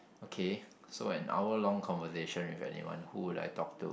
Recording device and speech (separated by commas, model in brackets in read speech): boundary microphone, conversation in the same room